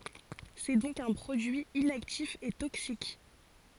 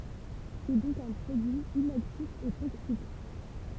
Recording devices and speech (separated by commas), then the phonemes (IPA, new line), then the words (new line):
forehead accelerometer, temple vibration pickup, read sentence
sɛ dɔ̃k œ̃ pʁodyi inaktif e toksik
C’est donc un produit inactif et toxique.